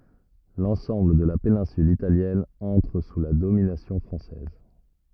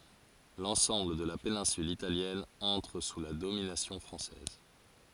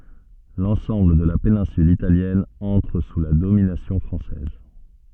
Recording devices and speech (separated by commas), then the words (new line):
rigid in-ear microphone, forehead accelerometer, soft in-ear microphone, read sentence
L’ensemble de la péninsule Italienne entre sous la domination française.